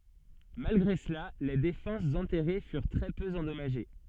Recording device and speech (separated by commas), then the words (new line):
soft in-ear microphone, read sentence
Malgré cela, les défenses enterrées furent très peu endommagées.